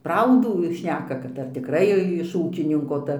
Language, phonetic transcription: Lithuanian, ˈpraudų ˈšneka kad ar tikˈrai iš ˈūkininko ˈta

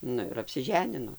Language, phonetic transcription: Lithuanian, ˈnu ir apsiˈženino

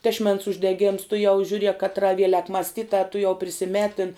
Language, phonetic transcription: Lithuanian, tešˈmens uždeˈgėms tuˈjau žiūˈriek katˈra ˈvielek masˈtitā tuˈjau prisiˈmetin

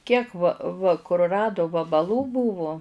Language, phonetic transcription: Lithuanian, kiek va va kurˈradu vabalų ˈbūvu

